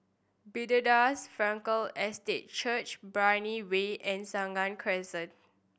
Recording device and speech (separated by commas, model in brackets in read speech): boundary microphone (BM630), read sentence